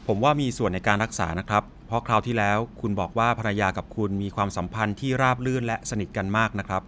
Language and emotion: Thai, neutral